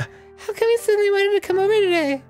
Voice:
Falsetto